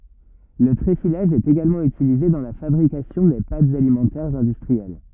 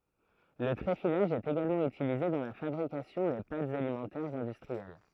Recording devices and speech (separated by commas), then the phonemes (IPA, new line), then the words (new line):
rigid in-ear microphone, throat microphone, read sentence
lə tʁefilaʒ ɛt eɡalmɑ̃ ytilize dɑ̃ la fabʁikasjɔ̃ de patz alimɑ̃tɛʁz ɛ̃dystʁiɛl
Le tréfilage est également utilisé dans la fabrication des pâtes alimentaires industrielles.